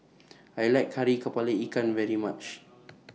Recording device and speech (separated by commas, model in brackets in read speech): mobile phone (iPhone 6), read sentence